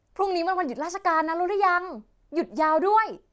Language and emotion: Thai, happy